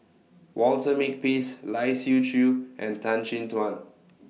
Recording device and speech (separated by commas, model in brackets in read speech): mobile phone (iPhone 6), read sentence